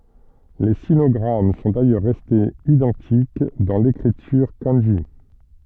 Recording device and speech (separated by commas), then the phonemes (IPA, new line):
soft in-ear microphone, read sentence
le sinɔɡʁam sɔ̃ dajœʁ ʁɛstez idɑ̃tik dɑ̃ lekʁityʁ kɑ̃ʒi